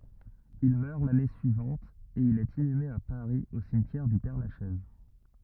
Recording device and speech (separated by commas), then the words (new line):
rigid in-ear microphone, read sentence
Il meurt l'année suivante et il est inhumé à Paris au cimetière du Père-Lachaise.